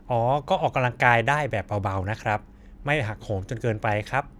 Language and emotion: Thai, neutral